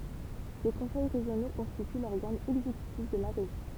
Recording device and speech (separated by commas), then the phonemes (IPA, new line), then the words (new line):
temple vibration pickup, read sentence
de kɔ̃sɛj ʁeʒjono kɔ̃stity lɔʁɡan ɛɡzekytif də la ʁeʒjɔ̃
Des conseils régionaux constituent l'organe exécutif de la région.